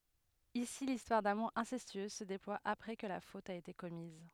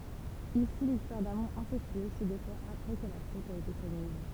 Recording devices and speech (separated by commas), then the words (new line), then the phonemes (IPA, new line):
headset microphone, temple vibration pickup, read sentence
Ici l'histoire d'amour incestueuse se déploie après que la faute a été commise.
isi listwaʁ damuʁ ɛ̃sɛstyøz sə deplwa apʁɛ kə la fot a ete kɔmiz